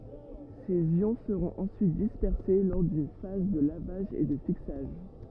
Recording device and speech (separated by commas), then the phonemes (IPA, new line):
rigid in-ear microphone, read sentence
sez jɔ̃ səʁɔ̃t ɑ̃syit dispɛʁse lɔʁ dyn faz də lavaʒ e də fiksaʒ